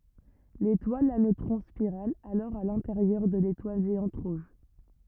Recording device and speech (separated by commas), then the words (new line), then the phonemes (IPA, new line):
rigid in-ear microphone, read sentence
L'étoile à neutrons spirale alors à l'intérieur de l'étoile géante rouge.
letwal a nøtʁɔ̃ spiʁal alɔʁ a lɛ̃teʁjœʁ də letwal ʒeɑ̃t ʁuʒ